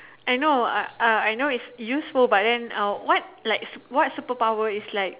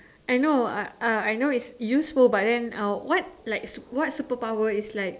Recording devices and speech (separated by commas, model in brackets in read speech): telephone, standing microphone, conversation in separate rooms